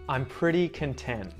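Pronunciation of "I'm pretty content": In 'content', the t at the end, after the n, is muted.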